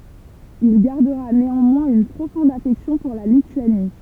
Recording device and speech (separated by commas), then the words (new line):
temple vibration pickup, read sentence
Il gardera néanmoins une profonde affection pour la Lituanie.